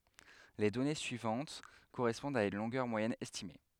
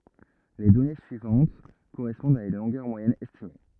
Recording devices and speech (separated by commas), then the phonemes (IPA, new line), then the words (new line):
headset microphone, rigid in-ear microphone, read sentence
le dɔne syivɑ̃t koʁɛspɔ̃dt a yn lɔ̃ɡœʁ mwajɛn ɛstime
Les données suivantes correspondent à une longueur moyenne estimée.